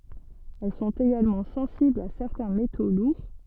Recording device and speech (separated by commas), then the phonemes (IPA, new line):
soft in-ear microphone, read sentence
ɛl sɔ̃t eɡalmɑ̃ sɑ̃siblz a sɛʁtɛ̃ meto luʁ